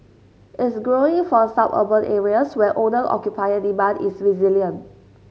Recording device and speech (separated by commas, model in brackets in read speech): mobile phone (Samsung S8), read sentence